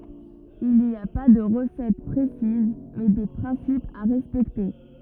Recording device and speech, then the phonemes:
rigid in-ear microphone, read sentence
il ni a pa də ʁəsɛt pʁesiz mɛ de pʁɛ̃sipz a ʁɛspɛkte

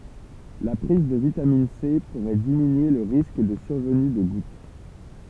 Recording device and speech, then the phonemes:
temple vibration pickup, read sentence
la pʁiz də vitamin se puʁɛ diminye lə ʁisk də syʁvəny də ɡut

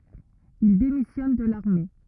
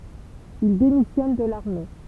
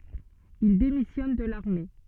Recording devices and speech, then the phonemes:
rigid in-ear microphone, temple vibration pickup, soft in-ear microphone, read sentence
il demisjɔn də laʁme

